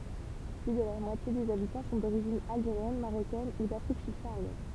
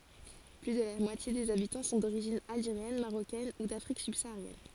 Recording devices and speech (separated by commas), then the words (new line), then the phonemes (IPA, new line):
temple vibration pickup, forehead accelerometer, read sentence
Plus de la moitié des habitants sont d'origine algérienne, marocaine ou d'Afrique subsaharienne.
ply də la mwatje dez abitɑ̃ sɔ̃ doʁiʒin alʒeʁjɛn maʁokɛn u dafʁik sybsaaʁjɛn